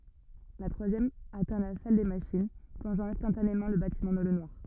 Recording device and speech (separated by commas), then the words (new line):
rigid in-ear microphone, read sentence
La troisième atteint la salle des machines, plongeant instantanément le bâtiment dans le noir.